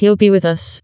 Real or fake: fake